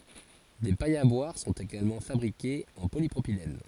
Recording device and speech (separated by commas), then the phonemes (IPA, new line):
forehead accelerometer, read sentence
de pajz a bwaʁ sɔ̃t eɡalmɑ̃ fabʁikez ɑ̃ polipʁopilɛn